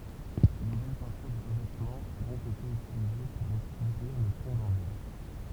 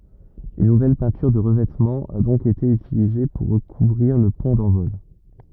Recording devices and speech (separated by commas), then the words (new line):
temple vibration pickup, rigid in-ear microphone, read sentence
Une nouvelle peinture de revêtement a donc été utilisée pour recouvrir le pont d'envol.